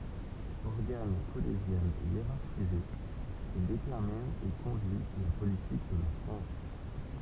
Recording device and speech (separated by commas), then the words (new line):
temple vibration pickup, read sentence
Organe collégial hiérarchisé, il détermine et conduit la politique de la France.